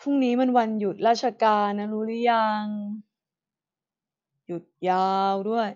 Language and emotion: Thai, frustrated